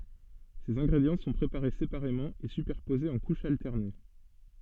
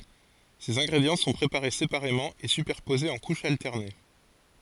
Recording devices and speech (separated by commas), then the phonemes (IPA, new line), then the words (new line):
soft in-ear microphone, forehead accelerometer, read sentence
sez ɛ̃ɡʁedjɑ̃ sɔ̃ pʁepaʁe sepaʁemɑ̃ e sypɛʁpozez ɑ̃ kuʃz altɛʁne
Ces ingrédients sont préparés séparément et superposés en couches alternées.